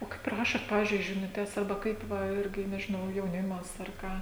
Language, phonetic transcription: Lithuanian, o ˈkaip ˈrašot ˈpavizdžiui žinuˈtes arˈba ˈkaip ˈva ˈirgi nežiˈnau jauˈnimas ar ˈką

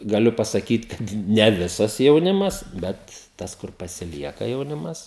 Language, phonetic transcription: Lithuanian, gaˈliu pasaˈkyt ˈkad ne ˈvisas jauˈnimas ˈbet ˈtas kur pasiˈlieka jauˈnimas

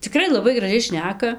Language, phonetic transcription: Lithuanian, ciˈkrai laˈbai graˈžiai ˈšneka

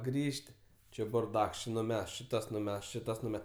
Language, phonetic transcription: Lithuanian, ˈgrįž't' ˈči burˈdaks ˈči nuˈmest či ˈtas nuˈmest ˈči ˈtas nuˈme

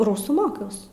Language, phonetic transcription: Lithuanian, ˈrūsų ˈmokiaus

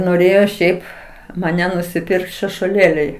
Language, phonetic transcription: Lithuanian, noˈrėjo ˈšiaip maˈne nusiˈpirkt šešuoˈlėliai

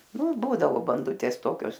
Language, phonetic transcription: Lithuanian, ˈnu ˈbūdavo banˈdutės ˈtokios

